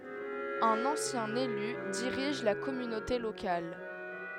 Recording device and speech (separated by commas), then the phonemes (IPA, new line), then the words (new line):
headset microphone, read sentence
œ̃n ɑ̃sjɛ̃ ely diʁiʒ la kɔmynote lokal
Un ancien élu dirige la communauté locale.